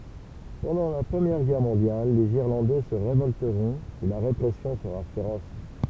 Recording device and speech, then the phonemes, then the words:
temple vibration pickup, read sentence
pɑ̃dɑ̃ la pʁəmjɛʁ ɡɛʁ mɔ̃djal lez iʁlɑ̃dɛ sə ʁevɔltəʁɔ̃t e la ʁepʁɛsjɔ̃ səʁa feʁɔs
Pendant la Première Guerre mondiale, les Irlandais se révolteront et la répression sera féroce.

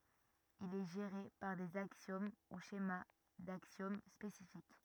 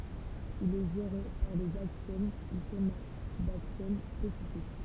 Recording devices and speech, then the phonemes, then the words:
rigid in-ear microphone, temple vibration pickup, read sentence
il ɛ ʒeʁe paʁ dez aksjom u ʃema daksjom spesifik
Il est géré par des axiomes ou schémas d'axiomes spécifiques.

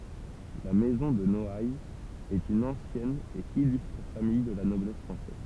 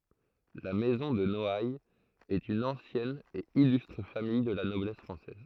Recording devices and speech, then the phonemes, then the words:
temple vibration pickup, throat microphone, read sentence
la mɛzɔ̃ də nɔajz ɛt yn ɑ̃sjɛn e ilystʁ famij də la nɔblɛs fʁɑ̃sɛz
La maison de Noailles est une ancienne et illustre famille de la noblesse française.

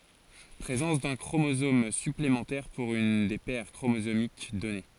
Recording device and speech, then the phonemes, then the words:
forehead accelerometer, read sentence
pʁezɑ̃s dœ̃ kʁomozom syplemɑ̃tɛʁ puʁ yn de pɛʁ kʁomozomik dɔne
Présence d'un chromosomes- supplémentaires pour une des paires chromosomiques donnée.

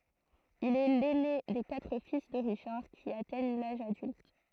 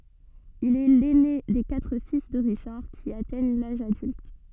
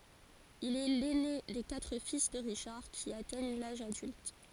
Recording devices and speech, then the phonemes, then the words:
throat microphone, soft in-ear microphone, forehead accelerometer, read sentence
il ɛ lɛne de katʁ fis də ʁiʃaʁ ki atɛɲ laʒ adylt
Il est l'aîné des quatre fils de Richard qui atteignent l'âge adulte.

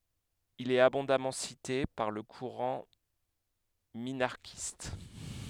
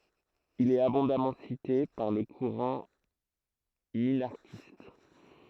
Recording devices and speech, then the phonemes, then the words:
headset microphone, throat microphone, read sentence
il ɛt abɔ̃damɑ̃ site paʁ lə kuʁɑ̃ minaʁʃist
Il est abondamment cité par le courant minarchiste.

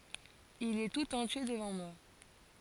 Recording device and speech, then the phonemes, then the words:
forehead accelerometer, read sentence
il ɛ tut ɑ̃tje dəvɑ̃ mwa
Il est tout entier devant moi.

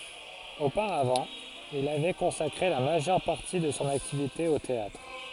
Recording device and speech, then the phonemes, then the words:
forehead accelerometer, read sentence
opaʁavɑ̃ il avɛ kɔ̃sakʁe la maʒœʁ paʁti də sɔ̃ aktivite o teatʁ
Auparavant, il avait consacré la majeure partie de son activité au théâtre.

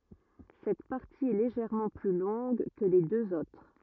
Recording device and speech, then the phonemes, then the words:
rigid in-ear microphone, read sentence
sɛt paʁti ɛ leʒɛʁmɑ̃ ply lɔ̃ɡ kə le døz otʁ
Cette partie est légèrement plus longue que les deux autres.

